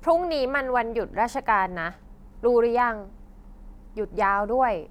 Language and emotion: Thai, frustrated